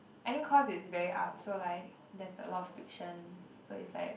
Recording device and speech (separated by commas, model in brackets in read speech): boundary microphone, conversation in the same room